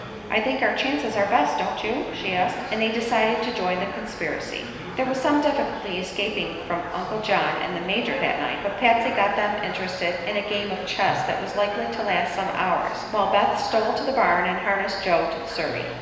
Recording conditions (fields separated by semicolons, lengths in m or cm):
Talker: one person; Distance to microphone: 1.7 m; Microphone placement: close; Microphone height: 1.0 m; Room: very reverberant, large; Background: babble